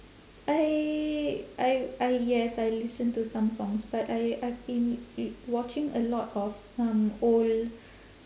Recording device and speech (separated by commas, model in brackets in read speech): standing microphone, conversation in separate rooms